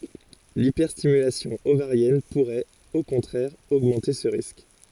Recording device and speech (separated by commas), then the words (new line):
forehead accelerometer, read sentence
L'hyperstimulation ovarienne pourrait, au contraire, augmenter ce risque.